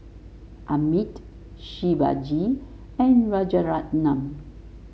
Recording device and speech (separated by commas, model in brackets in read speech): mobile phone (Samsung S8), read sentence